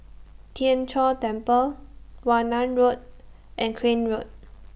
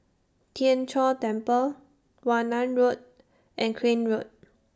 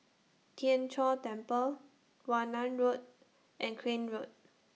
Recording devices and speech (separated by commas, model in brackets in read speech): boundary microphone (BM630), standing microphone (AKG C214), mobile phone (iPhone 6), read sentence